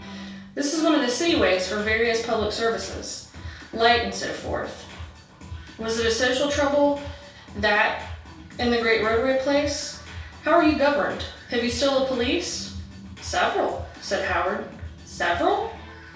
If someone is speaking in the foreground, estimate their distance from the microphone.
3.0 m.